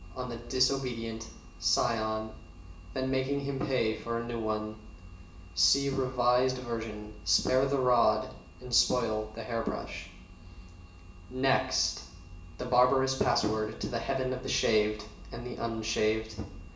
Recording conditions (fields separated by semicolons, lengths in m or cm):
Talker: one person; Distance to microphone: 1.8 m; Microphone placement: close; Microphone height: 1.0 m; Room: large; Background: none